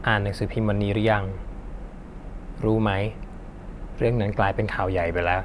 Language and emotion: Thai, neutral